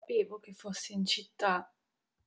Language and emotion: Italian, sad